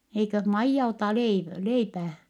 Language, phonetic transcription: Finnish, » eiköh Maijja otà leiv- , leipää ? »
- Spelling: eikös Maija ota - leipää

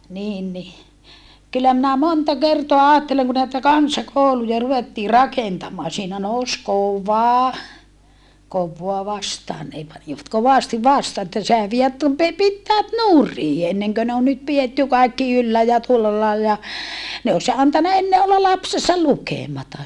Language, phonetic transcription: Finnish, niin ni , kyllä minä monta kertoa aatteleŋ ku näitä kansakòuluja ruvettii rakentam̆maa siinä nous kova , kovvoa vastaan nè panivat kovàsti vastaa että sehä vie tu - pe - pittäät nuri enneŋkö ne on nyt pietty kaikki yllä ja tuolla lailla ja , ne os antana enne olla lapsesa lukèmata .
- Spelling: niin niin kyllä minä monta kertaa ajattelen kun näitä kansakouluja ruvettiin rakentamaan siinä nousi kova kovaa vastaan ne panivat kovasti vastaan että sehän vie - - pitäjät nurin ennen kuin ne on nyt pidetty kaikki yllä ja tuolla lailla ja ne olisi antanut ennen olla lapsensa lukematta

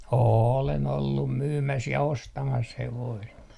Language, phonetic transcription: Finnish, 'oolen ollum "myymäs ja "ostamas 'hevoist .
- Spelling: olen ollut myymässä ja ostamassa hevosta

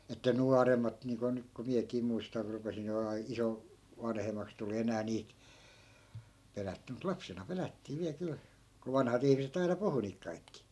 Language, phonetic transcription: Finnish, että "nuarem̆mat niiŋko 'nyk ko 'miäkii muistar 'rupesin ‿olemaa 'iso- , 'vanhem̆maks tuli 'enää niit , 'pelätty mut 'lapsena 'pelättii viäl 'kyl , ko 'vanhat ‿ihmiset ‿aina "puhu niik 'kaikki .
- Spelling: että nuoremmat niin kuin nyt kun minäkin muistan rupesin olemaan - vanhemmaksi tuli enää niitä pelätty mutta lapsena pelättiin vielä kyllä kun vanhat ihmiset aina puhui niitä kaikki

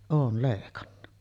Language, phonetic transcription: Finnish, 'oon̳§ lèikanna .
- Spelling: olen leikannut

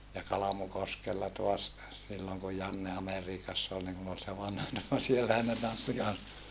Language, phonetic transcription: Finnish, ja Kalamukoskella toas , silloŋ ku Janne Ameriikass ‿ol niŋ kun ‿ol se vanha - - ni no siellähän ne tanssi kans .
- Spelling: ja Kalmukoskella taas silloin kun Janne Amerikassa oli niin kun oli se vanha niin no siellähän ne tanssi kanssa

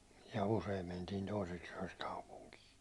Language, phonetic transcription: Finnish, ja useim mentiin̬ 'toiseks yäₒks 'kaupuŋkii .
- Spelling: ja usein mentiin toiseksi yöksi kaupunkiin

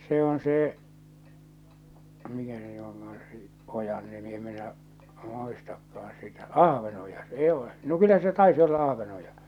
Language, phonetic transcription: Finnish, se on see , mikä se ny oŋka₍an se , '’ojan nimi em minä’ , 'muistakkaan̬ sitä , "Ahvenoja 's ‿ee ole , no 'kyllä se 'taisi olla 'Ahvenoja .
- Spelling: se on se mikä se nyt onkaan se ojan nimi en minä muistakaan sitä Ahvenoja se ei ole no kyllä se taisi olla Ahvenoja

